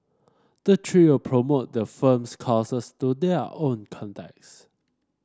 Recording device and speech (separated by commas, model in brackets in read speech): standing microphone (AKG C214), read sentence